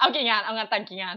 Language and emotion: Thai, happy